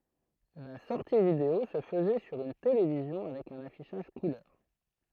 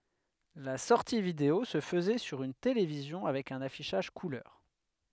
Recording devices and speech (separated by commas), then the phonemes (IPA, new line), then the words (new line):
throat microphone, headset microphone, read sentence
la sɔʁti video sə fəzɛ syʁ yn televizjɔ̃ avɛk œ̃n afiʃaʒ kulœʁ
La sortie vidéo se faisait sur une télévision avec un affichage couleur.